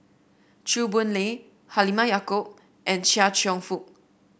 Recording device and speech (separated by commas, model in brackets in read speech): boundary microphone (BM630), read sentence